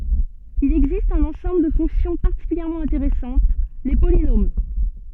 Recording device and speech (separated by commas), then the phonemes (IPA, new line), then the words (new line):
soft in-ear microphone, read sentence
il ɛɡzist œ̃n ɑ̃sɑ̃bl də fɔ̃ksjɔ̃ paʁtikyljɛʁmɑ̃ ɛ̃teʁɛsɑ̃t le polinom
Il existe un ensemble de fonctions particulièrement intéressantes, les polynômes.